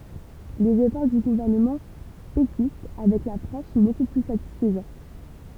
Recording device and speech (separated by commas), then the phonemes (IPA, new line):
temple vibration pickup, read sentence
lez efɔʁ dy ɡuvɛʁnəmɑ̃ pekist avɛk la fʁɑ̃s sɔ̃ boku ply satisfəzɑ̃